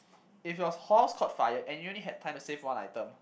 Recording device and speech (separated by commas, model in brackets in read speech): boundary microphone, conversation in the same room